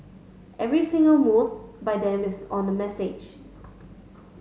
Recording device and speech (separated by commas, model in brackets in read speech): mobile phone (Samsung S8), read sentence